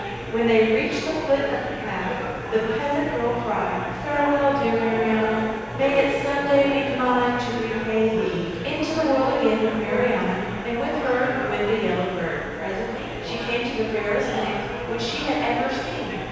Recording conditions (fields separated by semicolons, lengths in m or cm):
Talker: one person; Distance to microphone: 7.1 m; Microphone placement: far; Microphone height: 1.7 m; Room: very reverberant, large; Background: babble